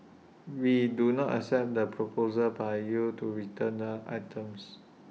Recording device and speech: mobile phone (iPhone 6), read sentence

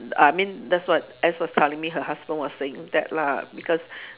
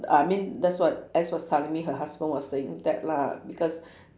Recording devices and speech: telephone, standing microphone, conversation in separate rooms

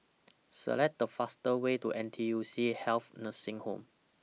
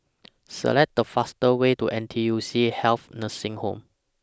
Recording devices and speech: mobile phone (iPhone 6), standing microphone (AKG C214), read sentence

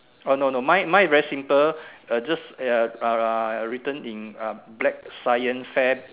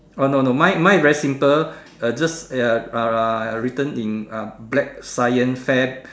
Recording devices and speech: telephone, standing microphone, conversation in separate rooms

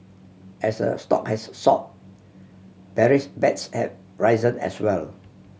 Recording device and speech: mobile phone (Samsung C7100), read sentence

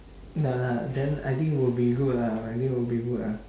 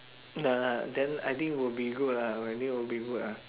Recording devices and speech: standing microphone, telephone, conversation in separate rooms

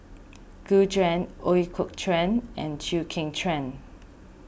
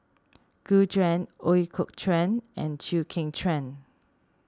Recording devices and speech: boundary microphone (BM630), standing microphone (AKG C214), read sentence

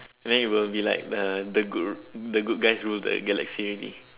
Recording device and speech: telephone, conversation in separate rooms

